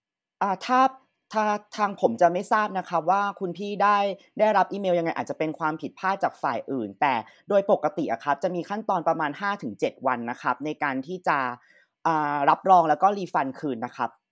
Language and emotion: Thai, frustrated